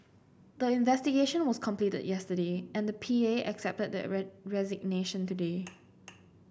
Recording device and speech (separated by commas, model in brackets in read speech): boundary microphone (BM630), read sentence